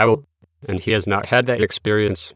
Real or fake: fake